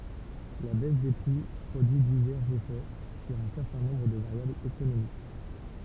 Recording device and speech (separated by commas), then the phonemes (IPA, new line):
temple vibration pickup, read sentence
la bɛs de pʁi pʁodyi divɛʁz efɛ syʁ œ̃ sɛʁtɛ̃ nɔ̃bʁ də vaʁjablz ekonomik